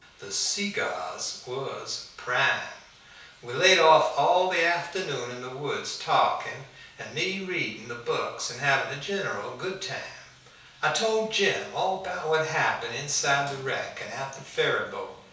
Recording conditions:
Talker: one person; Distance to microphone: 3.0 m; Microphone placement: far; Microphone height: 1.8 m; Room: small (3.7 m by 2.7 m); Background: none

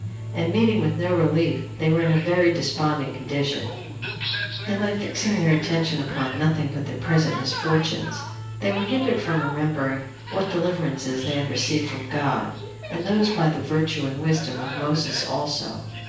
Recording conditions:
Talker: one person; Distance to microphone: 9.8 m; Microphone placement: far; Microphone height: 1.8 m; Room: large; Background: television

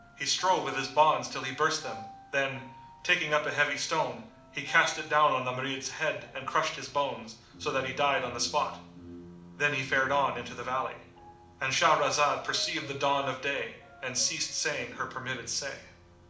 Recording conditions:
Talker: one person; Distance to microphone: 2.0 m; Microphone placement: close; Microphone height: 99 cm; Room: medium-sized (5.7 m by 4.0 m); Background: music

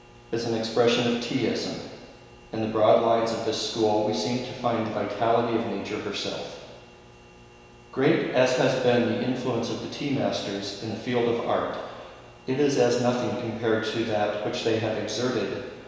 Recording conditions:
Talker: one person; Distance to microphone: 1.7 m; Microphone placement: close; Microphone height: 1.0 m; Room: very reverberant, large; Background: none

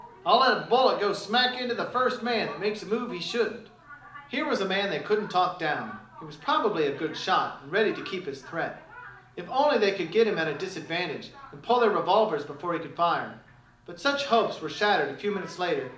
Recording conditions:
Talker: one person; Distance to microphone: 2.0 m; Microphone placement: close; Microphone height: 99 cm; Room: medium-sized (5.7 m by 4.0 m); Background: television

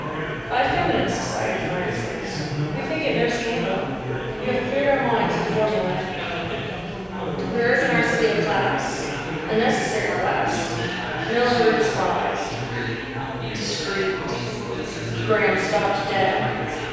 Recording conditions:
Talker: one person; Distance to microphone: 7.1 m; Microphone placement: far; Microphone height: 1.7 m; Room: very reverberant, large; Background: babble

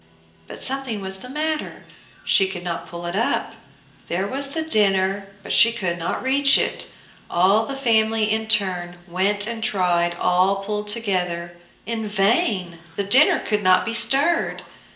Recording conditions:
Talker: one person; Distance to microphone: 1.8 m; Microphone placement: close; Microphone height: 1.0 m; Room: large; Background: television

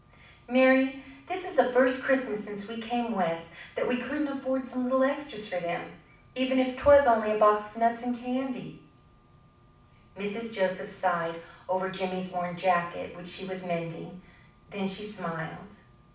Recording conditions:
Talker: one person; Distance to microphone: 5.8 m; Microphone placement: far; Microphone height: 1.8 m; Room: medium-sized (5.7 m by 4.0 m); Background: none

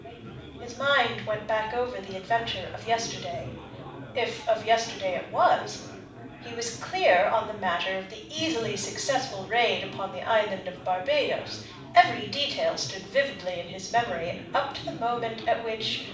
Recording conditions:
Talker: one person; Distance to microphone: 5.8 m; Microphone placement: far; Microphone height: 1.8 m; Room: medium-sized (5.7 m by 4.0 m); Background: babble

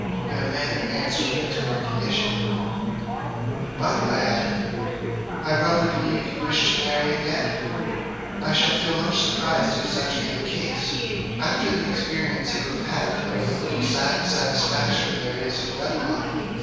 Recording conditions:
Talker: one person; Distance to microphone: 7.1 m; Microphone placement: far; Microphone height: 1.7 m; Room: very reverberant, large; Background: babble

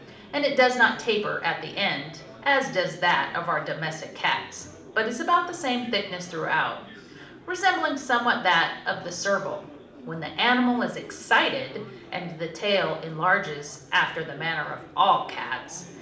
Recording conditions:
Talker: one person; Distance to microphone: 2.0 m; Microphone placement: close; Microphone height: 99 cm; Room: medium-sized (5.7 m by 4.0 m); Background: babble

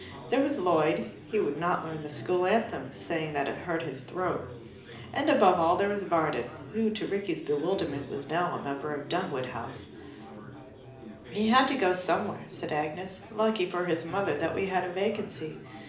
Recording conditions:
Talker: one person; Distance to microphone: 2.0 m; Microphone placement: close; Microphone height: 99 cm; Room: medium-sized (5.7 m by 4.0 m); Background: babble

